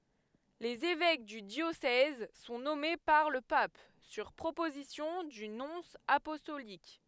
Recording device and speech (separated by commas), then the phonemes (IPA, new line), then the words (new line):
headset microphone, read sentence
lez evɛk dy djosɛz sɔ̃ nɔme paʁ lə pap syʁ pʁopozisjɔ̃ dy nɔ̃s apɔstolik
Les évêques du diocèse sont nommés par le pape, sur proposition du nonce apostolique.